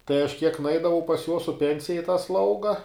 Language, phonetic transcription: Lithuanian, tai aš kiek nuˈeidavau pas jos su ˈpensija i tą ˈslauga

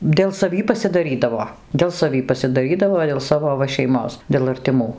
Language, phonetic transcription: Lithuanian, dėl saˈvį pasidaˈrydavo dėl saˈvį pasidaˈrydavo dėl ˈsavo ˈva šeiˈmos dėl artiˈmų

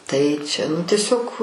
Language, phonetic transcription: Lithuanian, tai čia nu tieˈsiog

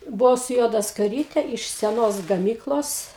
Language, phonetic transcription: Lithuanian, buˈau su ˈjuoda skaˈryte iš seˈnos gaˈmyklos

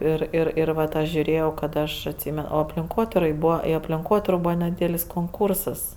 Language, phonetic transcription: Lithuanian, ˈir ˈir ir ˈvat ˈaš žiuˈrėjau kad ˈaš atˈsymen o aplinˈkotirai ˈbūva i aplinˈkotiro ˈbūva neˈdydelis konˈkursas

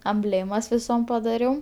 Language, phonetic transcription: Lithuanian, amˈblėmas viˈsom padaˈriau

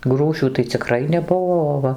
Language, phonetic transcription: Lithuanian, ˈgrūšių tai ciˈkrai neˈbuo o ˈva

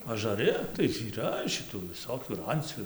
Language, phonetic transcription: Lithuanian, ažaˈri tai yˈra šiˈtų viˈsokių ir ˈancių

